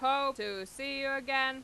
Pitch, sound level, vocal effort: 270 Hz, 98 dB SPL, loud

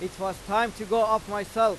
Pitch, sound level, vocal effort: 215 Hz, 99 dB SPL, very loud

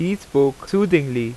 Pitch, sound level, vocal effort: 150 Hz, 88 dB SPL, loud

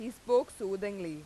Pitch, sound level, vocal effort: 205 Hz, 93 dB SPL, very loud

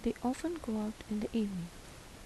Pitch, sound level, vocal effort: 215 Hz, 77 dB SPL, soft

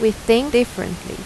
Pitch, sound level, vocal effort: 220 Hz, 85 dB SPL, normal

